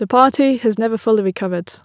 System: none